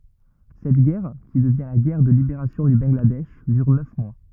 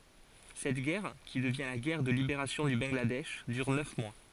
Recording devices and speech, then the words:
rigid in-ear microphone, forehead accelerometer, read sentence
Cette guerre, qui devient la guerre de libération du Bangladesh, dure neuf mois.

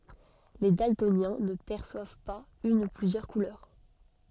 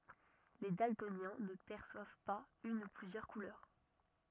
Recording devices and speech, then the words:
soft in-ear microphone, rigid in-ear microphone, read sentence
Les daltoniens ne perçoivent pas une ou plusieurs couleurs.

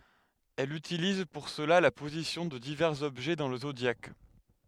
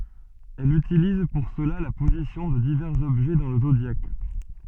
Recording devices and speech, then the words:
headset microphone, soft in-ear microphone, read sentence
Elle utilise pour cela la position de divers objets dans le zodiaque.

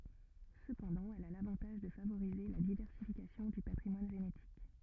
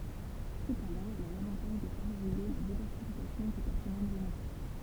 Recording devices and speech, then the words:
rigid in-ear microphone, temple vibration pickup, read sentence
Cependant, elle a l'avantage de favoriser la diversification du patrimoine génétique.

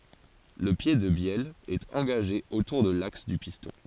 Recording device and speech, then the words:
forehead accelerometer, read sentence
Le pied de bielle est engagé autour de l'axe du piston.

